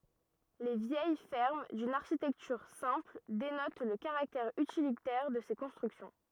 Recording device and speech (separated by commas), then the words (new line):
rigid in-ear microphone, read sentence
Les vieilles fermes, d'une architecture simple, dénotent le caractère utilitaire de ces constructions.